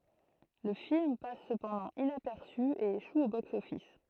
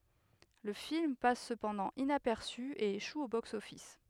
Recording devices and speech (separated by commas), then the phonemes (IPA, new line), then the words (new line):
throat microphone, headset microphone, read sentence
lə film pas səpɑ̃dɑ̃ inapɛʁsy e eʃu o boksɔfis
Le film passe cependant inaperçu, et échoue au box-office.